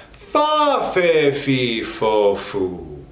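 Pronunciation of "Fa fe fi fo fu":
'Fa fe fi fo fu' is said high in the voice's range.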